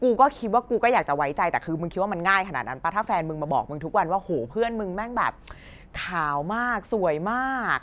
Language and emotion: Thai, frustrated